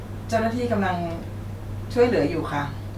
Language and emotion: Thai, neutral